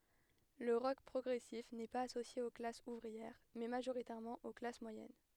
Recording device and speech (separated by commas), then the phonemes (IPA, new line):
headset microphone, read sentence
lə ʁɔk pʁɔɡʁɛsif nɛ paz asosje o klasz uvʁiɛʁ mɛ maʒoʁitɛʁmɑ̃ o klas mwajɛn